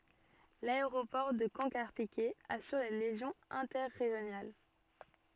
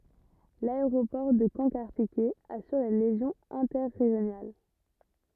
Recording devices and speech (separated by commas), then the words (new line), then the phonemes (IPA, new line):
soft in-ear microphone, rigid in-ear microphone, read sentence
L’aéroport de Caen - Carpiquet assure les liaisons interrégionales.
laeʁopɔʁ də kɑ̃ kaʁpikɛ asyʁ le ljɛzɔ̃z ɛ̃tɛʁeʒjonal